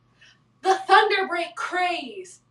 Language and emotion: English, happy